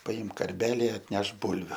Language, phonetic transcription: Lithuanian, paˈimk karˈbeli atˈnešk ˈbulviu

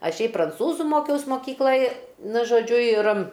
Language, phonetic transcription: Lithuanian, ˈaš ˈšiaip pranˈcūzu ˈmokiaus moˈkyklaj ˈnu žoˈdžiu ir

